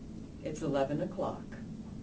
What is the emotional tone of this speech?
neutral